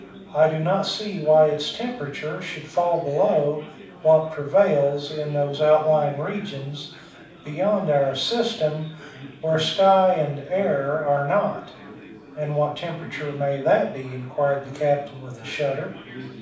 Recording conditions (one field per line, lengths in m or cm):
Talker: one person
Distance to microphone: 5.8 m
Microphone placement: far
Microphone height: 1.8 m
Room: medium-sized (5.7 m by 4.0 m)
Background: babble